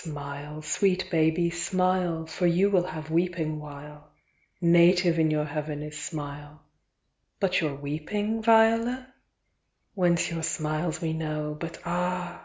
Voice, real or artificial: real